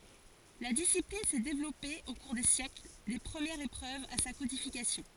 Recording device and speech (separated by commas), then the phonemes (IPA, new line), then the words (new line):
forehead accelerometer, read sentence
la disiplin sɛ devlɔpe o kuʁ de sjɛkl de pʁəmjɛʁz epʁøvz a sa kodifikasjɔ̃
La discipline s'est développée au cours des siècles, des premières épreuves à sa codification.